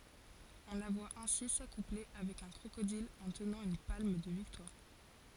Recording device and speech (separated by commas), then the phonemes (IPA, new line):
forehead accelerometer, read sentence
ɔ̃ la vwa ɛ̃si sakuple avɛk œ̃ kʁokodil ɑ̃ tənɑ̃ yn palm də viktwaʁ